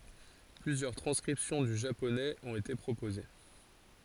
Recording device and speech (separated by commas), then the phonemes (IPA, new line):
forehead accelerometer, read sentence
plyzjœʁ tʁɑ̃skʁipsjɔ̃ dy ʒaponɛz ɔ̃t ete pʁopoze